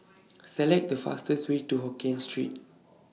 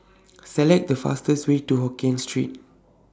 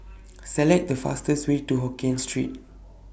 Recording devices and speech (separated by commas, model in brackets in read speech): mobile phone (iPhone 6), standing microphone (AKG C214), boundary microphone (BM630), read sentence